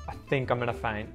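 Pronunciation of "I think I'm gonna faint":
In 'faint', the final t is muted.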